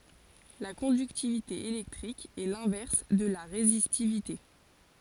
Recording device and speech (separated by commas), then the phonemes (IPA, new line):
forehead accelerometer, read sentence
la kɔ̃dyktivite elɛktʁik ɛ lɛ̃vɛʁs də la ʁezistivite